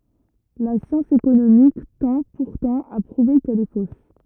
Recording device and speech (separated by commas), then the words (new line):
rigid in-ear microphone, read sentence
La science économique tend, pourtant, à prouver qu’elle est fausse.